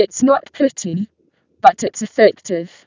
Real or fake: fake